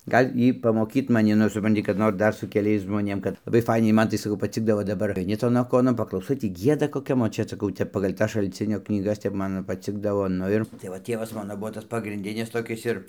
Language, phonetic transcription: Lithuanian, ˈgal' ˈy pamoˈkyt maˈni nu suˈpranti kad ˈnor ˈdar su keˈliais žmoˈnėm kad laˈbai ˈfainiai ˈman tai saˈkau paˈcikdavo daˈbar aiˈni ˈton aˈkonon paklauˈsai ˈtį ˈgieda koˈkiam ot ˈčia saˈkau ˈtep pagal' ˈtas šalˈcinio knyˈgas ˈtep ˈman ˈtep ˈman paˈcikdavo ˈnu ir tai va ˈtievas ˈmano ˈbuvo ˈtas pagrinˈdinis toˈkis ir

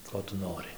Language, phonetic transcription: Lithuanian, ˈko tu ˈnori

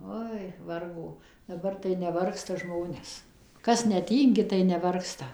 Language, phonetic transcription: Lithuanian, ˈoi ˈvargo daˈbar tai neˈvargsta ˈžmonės ˈkas neˈtyngi tai neˈvargsta

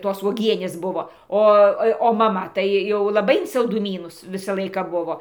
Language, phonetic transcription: Lithuanian, ˈtos uoˈgienės ˈbuvo ˈo ˈo jau o maˈma tai ˈjau laˈbai in salduˈmynus ˈvisa ˈlaiką ˈbuvo

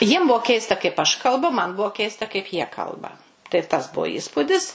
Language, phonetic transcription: Lithuanian, jiem ˈbuo ˈkeista kaip aš kalˈbu man ˈbuo ˈkeista kaip jie ˈkalba tai tas ˈbuo ˈįspudis

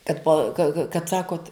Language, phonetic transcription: Lithuanian, tad pa ka ka kad ˈsakot

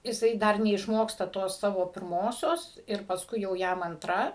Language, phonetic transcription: Lithuanian, jiˈsai ˈdar neišˈmoksta ˈtos ˈsavo pirˈmosios ir pasˈkui jau ˈjam anˈtra

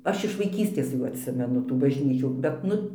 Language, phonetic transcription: Lithuanian, ˈaš iš vaiˈkystės ˈjų atˈsimenu tų bažˈnyčių bet ˈnu

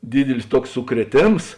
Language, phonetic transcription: Lithuanian, ˈdydilis ˈtuoks sukrieˈtėms

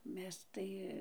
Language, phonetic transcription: Lithuanian, ˈmes tai

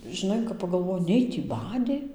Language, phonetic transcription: Lithuanian, žiˈnai kap pagalˈvoji ˈnei tį ˈbadė

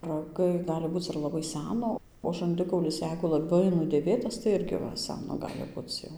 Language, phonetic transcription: Lithuanian, raˈgai ˈgali ˈbūc ir laˈbai ˈsæno o žanˈdikaulis ˈjeigu laˈbai nudėˈvėtas tai ˈirgi ˈva ˈsæno ˈgali ˈbuc jau

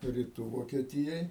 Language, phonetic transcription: Lithuanian, riˈtų vokieˈtijoj

